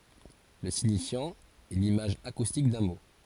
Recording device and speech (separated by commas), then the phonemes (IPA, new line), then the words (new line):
forehead accelerometer, read sentence
lə siɲifjɑ̃ ɛ limaʒ akustik dœ̃ mo
Le signifiant est l'image acoustique d'un mot.